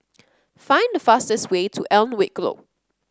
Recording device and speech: close-talking microphone (WH30), read sentence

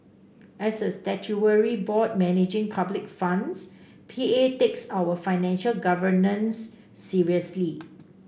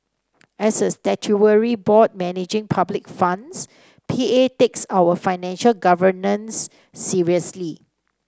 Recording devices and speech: boundary microphone (BM630), standing microphone (AKG C214), read sentence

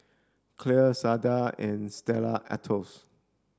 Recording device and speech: standing microphone (AKG C214), read sentence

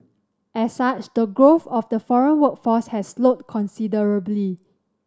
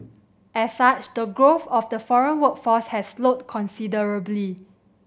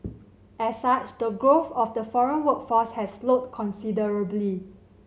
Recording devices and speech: standing microphone (AKG C214), boundary microphone (BM630), mobile phone (Samsung C7100), read sentence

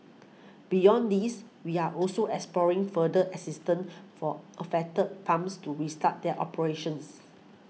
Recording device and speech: mobile phone (iPhone 6), read sentence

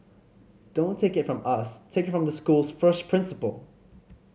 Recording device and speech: mobile phone (Samsung C5010), read sentence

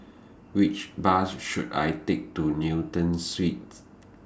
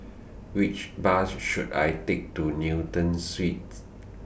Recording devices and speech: standing microphone (AKG C214), boundary microphone (BM630), read sentence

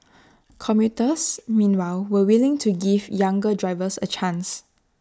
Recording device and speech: standing microphone (AKG C214), read sentence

